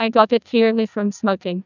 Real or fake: fake